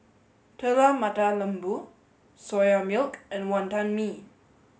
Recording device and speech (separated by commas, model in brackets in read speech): mobile phone (Samsung S8), read sentence